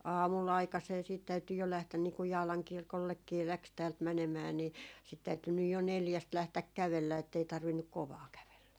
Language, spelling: Finnish, aamulla aikaiseen sitten täytyi jo lähteä niin kun Jaalan kirkollekin lähti täältä menemään niin sitten täytyi nyt jo neljästä lähteä kävellä että ei tarvinnut kovaa kävellä
- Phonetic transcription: "aamul'l ‿aikasee siit 'täyty jo 'lähtän nii kuj 'Jaalaŋ 'kirkollekkii 'läks täält 'mänemää ni , sit täyty nyj jo "neljäst 'lähtäk "kävellä ettei 'tarvinnuk "kovaa 'kävellä .

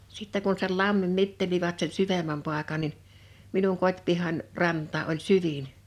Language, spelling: Finnish, sitten kun sen lammin mittelivät sen syvemmän paikan niin minun kotipihani rantaan oli syvin
- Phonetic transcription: 'sitte kun sei 'lammim 'mitteliva̳t sen 'syvem̆mäm pàekan nin , 'minuŋ 'kot́pihan , 'rant̀aa ’oĺ "syvin .

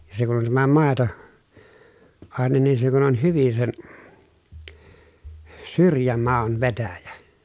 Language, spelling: Finnish, ja se kun on tämä - maitoaine niin se kun on hyvin sen syrjämaun vetäjä
- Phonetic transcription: ja se kun ‿on tämä màeto- , -àenen nin se kun ‿on hyvin sen , syrjämau̬n vetäjä .

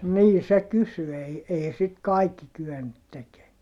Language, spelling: Finnish, niin se kysyi ei ei sitten kaikki kyennyt tekemään
- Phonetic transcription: nii se kysy ei , ei sit kaikki kyennyt tekee .

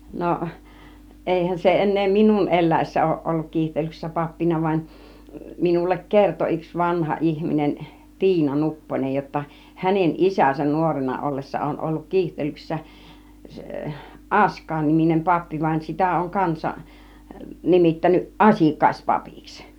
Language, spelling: Finnish, no eihän se enää minun eläessä ole ollut Kiihtelyksessä pappina vaan minulle kertoi yksi vanha ihminen Tiina Nupponen jotta hänen isänsä nuorena ollessa on ollut Kiihtelyksessä Askain niminen pappi vaan sitä on kansa nimittänyt Asikkaispapiksi
- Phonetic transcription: no , 'ˀèihän se en̆nee "minun 'ˀel̆lä̀issä òùˀ ˀolluk 'Kiihtelyksessä 'pappina vaⁱn , minullek "kerto yks 'vanha 'ihminen , "Tiina "Nupponej jotta , 'hänen "ˀisäsän "nuorena 'ˀollessa 'ˀon olluk "Kiihtelyksessä , 'ˀAsk̆kàin niminem 'pappi vań , 'sitä oŋ "kansa , 'nimittänyˀ "ˀAsìk̆kàispapiks .

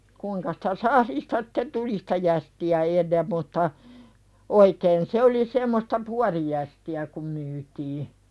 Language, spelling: Finnish, kuinka sitä sahdista sitten tuli sitä jästiä ennen mutta oikein se oli semmoista puotijästiä kun myytiin
- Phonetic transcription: kuiŋka sɪtä 'sahlista sɪte "tuli sɪtä jästi₍ä 'ennem mutta , 'oikeen se oli semmosta "puarijästi₍ä kum myytii .

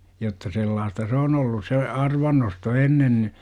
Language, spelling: Finnish, jotta sellaista se on ollut se arvannosto ennen niin
- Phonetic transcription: jotta 'sellaasta "s ‿oon ollus se , "arvannosto 'ennen ni , .

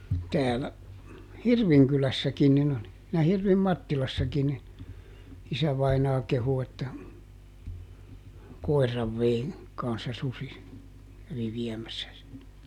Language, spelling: Finnish, täällä Hirvinkylässäkin niin oli ja Hirvin Mattilassakin niin isävainaa kehui että koiran vei kanssa susi kävi viemässä sen
- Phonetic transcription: täälä , "Hirviŋkylässäkin nin ‿oli , ja ˈHirvim "Mattilassakin nin̬ , ˈisävainaa kehu että , ˈkoi̮rrav vei , kanssa ˈsusi , kävi ˈviɛmässä sen .

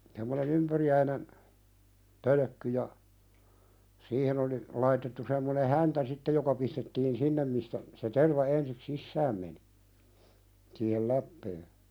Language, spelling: Finnish, tämmöinen ympyriäinen pölkky ja siihen oli laitettu semmoinen häntä sitten joka pistettiin sinne mistä se terva ensi sisään meni siihen läpeen
- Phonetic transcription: tämmöne'n ‿ympyri₍äinen , "pölᵒ̈kky ja , "siihen ‿oli , 'laitettu semmone "häntä sittej joka pistettiin "sinnem mistä , se 'terva 'ensik "sissääm meni , siihel "läppee .

